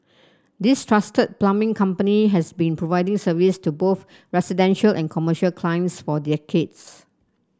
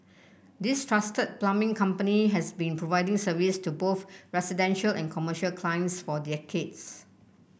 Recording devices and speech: standing microphone (AKG C214), boundary microphone (BM630), read sentence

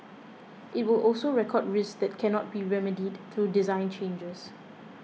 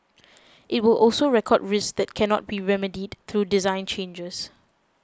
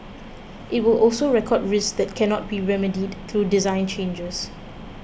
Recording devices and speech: mobile phone (iPhone 6), close-talking microphone (WH20), boundary microphone (BM630), read sentence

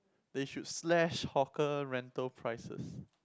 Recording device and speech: close-talking microphone, conversation in the same room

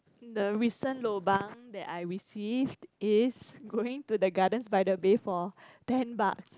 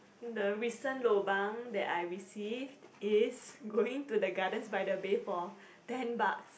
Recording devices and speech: close-talking microphone, boundary microphone, conversation in the same room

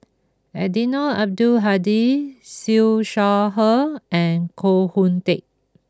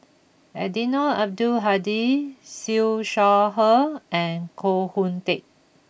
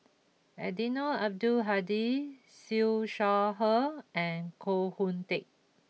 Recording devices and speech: close-talking microphone (WH20), boundary microphone (BM630), mobile phone (iPhone 6), read sentence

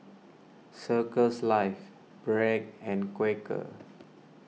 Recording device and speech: mobile phone (iPhone 6), read sentence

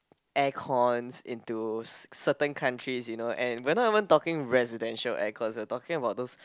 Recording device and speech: close-talking microphone, conversation in the same room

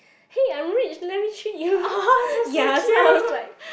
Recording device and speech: boundary microphone, conversation in the same room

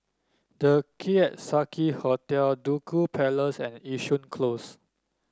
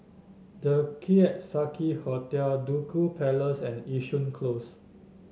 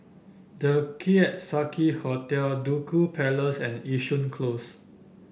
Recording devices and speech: standing microphone (AKG C214), mobile phone (Samsung S8), boundary microphone (BM630), read sentence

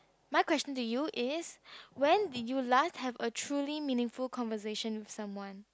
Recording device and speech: close-talking microphone, conversation in the same room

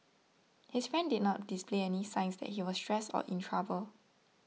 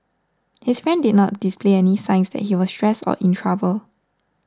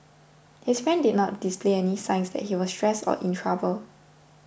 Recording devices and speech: mobile phone (iPhone 6), standing microphone (AKG C214), boundary microphone (BM630), read sentence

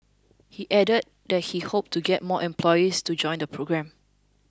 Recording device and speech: close-talking microphone (WH20), read sentence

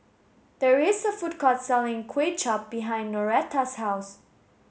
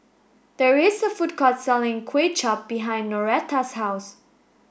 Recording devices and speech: mobile phone (Samsung S8), boundary microphone (BM630), read sentence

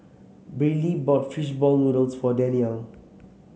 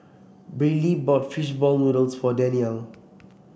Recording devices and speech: mobile phone (Samsung C7), boundary microphone (BM630), read sentence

